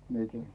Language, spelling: Finnish, minäkin
- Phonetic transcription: mieki —

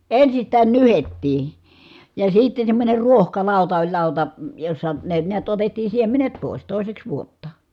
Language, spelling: Finnish, ensistään nyhdettiin ja sitten semmoinen ruohkalauta oli lauta jossa ne näet otettiin siemenet pois toiseksi vuotta
- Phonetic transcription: ensistään nyhettii , ja sitten̬ semmońer ruohkalàuta oĺ làuta , jossa , ne niät otettii siemenet pòi̮s , tòi̮seks vuotta .

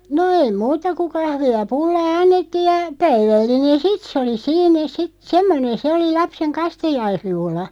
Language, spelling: Finnish, no ei muuta kuin kahvia ja pullaa annettiin ja päivällinen sitten se oli siinä sitten semmoinen se oli lapsen kastajaisjuhla
- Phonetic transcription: no 'ei "muuta ku 'kahvi₍a (ja) 'pullaa "annettiiʲ ja , 'päivällinen "sit sᵉ oli "siinä 'sit "semmonen 'se oli 'lapseŋ "kastajaisjuhla .

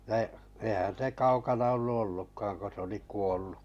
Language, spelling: Finnish, no eihän se kaukana ollut ollutkaan kun se oli kuollut
- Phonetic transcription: no , eihän̬ se 'kaukana ollu 'ollukkaaŋ ko s ‿oli 'kuollu .

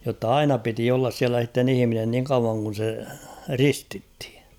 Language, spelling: Finnish, jotta aina piti olla siellä sitten ihminen niin kauan kun se ristittiin
- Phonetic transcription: jotta "aina piti ollas 'siälä s̬itten ‿'ihⁱminen niŋ kauvaŋ kun̬ se "ristithɪ .

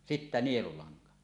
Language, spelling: Finnish, sitten nielulanka
- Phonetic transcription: 'sittä 'nielulaŋka .

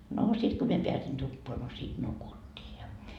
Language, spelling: Finnish, no sitten kun minä pääsin tupaan no siitä nukuttiin ja
- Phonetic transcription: noo , 'sit ko 'mie 'peäsin 'tuppoa no siit "nukut́t́ii ja .

